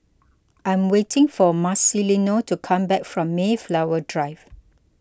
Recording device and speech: close-talking microphone (WH20), read sentence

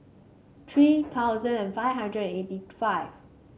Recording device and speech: mobile phone (Samsung C5), read sentence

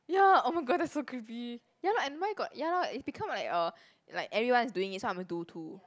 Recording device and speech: close-talking microphone, conversation in the same room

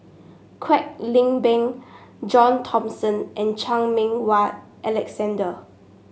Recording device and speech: mobile phone (Samsung S8), read sentence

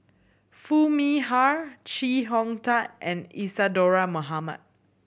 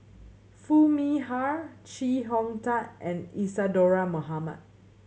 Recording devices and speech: boundary microphone (BM630), mobile phone (Samsung C7100), read sentence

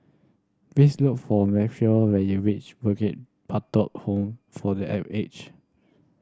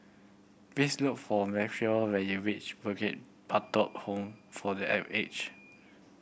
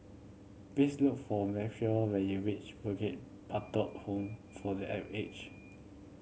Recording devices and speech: standing microphone (AKG C214), boundary microphone (BM630), mobile phone (Samsung C7100), read sentence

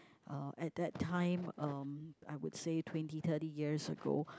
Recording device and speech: close-talking microphone, conversation in the same room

